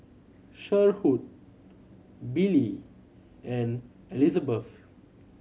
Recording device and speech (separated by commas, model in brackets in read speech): mobile phone (Samsung C7100), read sentence